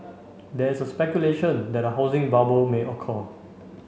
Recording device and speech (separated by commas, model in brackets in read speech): mobile phone (Samsung C5), read sentence